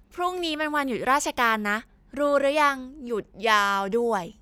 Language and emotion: Thai, happy